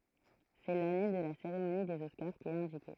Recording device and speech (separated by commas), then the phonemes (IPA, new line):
throat microphone, read sentence
sɛ lane də la seʁemoni dez ɔskaʁ ki ɛt ɛ̃dike